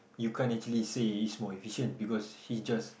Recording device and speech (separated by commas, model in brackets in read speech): boundary microphone, conversation in the same room